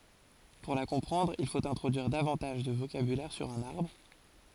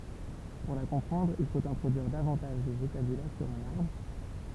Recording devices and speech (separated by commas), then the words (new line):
forehead accelerometer, temple vibration pickup, read sentence
Pour la comprendre, il faut introduire davantage de vocabulaire sur un arbre.